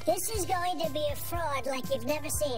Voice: high-pitched